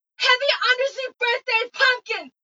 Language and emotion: English, disgusted